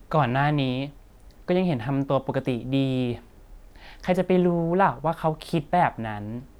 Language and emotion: Thai, frustrated